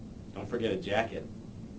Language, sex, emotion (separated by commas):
English, male, neutral